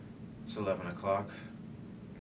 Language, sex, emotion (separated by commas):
English, male, neutral